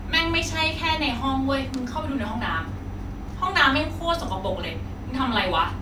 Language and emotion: Thai, frustrated